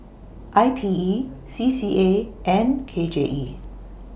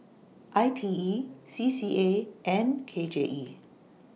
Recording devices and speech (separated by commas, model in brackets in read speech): boundary microphone (BM630), mobile phone (iPhone 6), read sentence